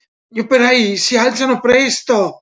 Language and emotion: Italian, fearful